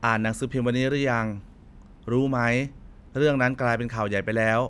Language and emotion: Thai, neutral